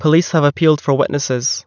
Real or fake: real